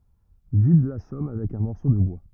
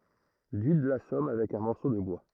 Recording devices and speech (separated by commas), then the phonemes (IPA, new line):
rigid in-ear microphone, throat microphone, read sentence
dyd lasɔm avɛk œ̃ mɔʁso də bwa